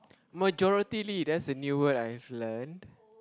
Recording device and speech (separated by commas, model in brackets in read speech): close-talking microphone, conversation in the same room